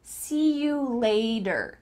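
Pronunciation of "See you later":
In 'later', the t is changed to a d sound.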